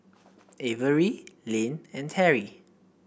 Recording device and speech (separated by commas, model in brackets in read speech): boundary microphone (BM630), read sentence